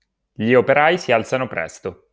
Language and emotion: Italian, neutral